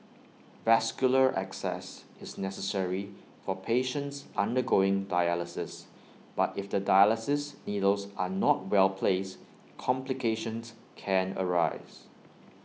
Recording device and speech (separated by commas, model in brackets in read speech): mobile phone (iPhone 6), read sentence